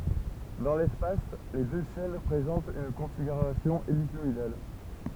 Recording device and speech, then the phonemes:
temple vibration pickup, read sentence
dɑ̃ lɛspas le dø ʃɛn pʁezɑ̃tt yn kɔ̃fiɡyʁasjɔ̃ elikɔidal

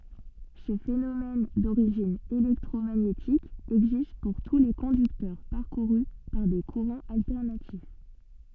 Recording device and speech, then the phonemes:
soft in-ear microphone, read sentence
sə fenomɛn doʁiʒin elɛktʁomaɲetik ɛɡzist puʁ tu le kɔ̃dyktœʁ paʁkuʁy paʁ de kuʁɑ̃z altɛʁnatif

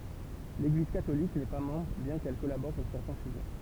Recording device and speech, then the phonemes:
temple vibration pickup, read sentence
leɡliz katolik nɛ pa mɑ̃bʁ bjɛ̃ kɛl kɔlabɔʁ puʁ sɛʁtɛ̃ syʒɛ

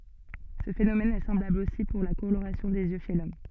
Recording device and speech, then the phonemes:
soft in-ear microphone, read sentence
sə fenomɛn ɛ sɑ̃blabl osi puʁ la koloʁasjɔ̃ dez jø ʃe lɔm

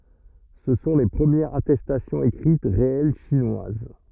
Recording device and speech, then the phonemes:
rigid in-ear microphone, read sentence
sə sɔ̃ le pʁəmjɛʁz atɛstasjɔ̃z ekʁit ʁeɛl ʃinwaz

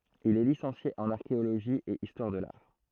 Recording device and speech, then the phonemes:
throat microphone, read sentence
il ɛ lisɑ̃sje ɑ̃n aʁkeoloʒi e istwaʁ də laʁ

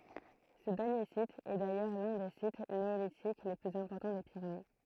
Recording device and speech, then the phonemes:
throat microphone, read sentence
sə dɛʁnje sit ɛ dajœʁ lœ̃ de sit neolitik le plyz ɛ̃pɔʁtɑ̃ de piʁene

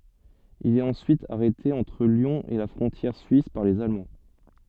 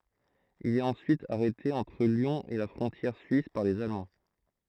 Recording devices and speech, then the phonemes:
soft in-ear microphone, throat microphone, read sentence
il ɛt ɑ̃syit aʁɛte ɑ̃tʁ ljɔ̃ e la fʁɔ̃tjɛʁ syis paʁ lez almɑ̃

